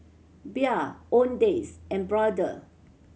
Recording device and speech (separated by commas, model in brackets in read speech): mobile phone (Samsung C7100), read sentence